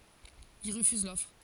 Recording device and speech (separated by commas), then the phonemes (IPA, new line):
forehead accelerometer, read sentence
il ʁəfyz lɔfʁ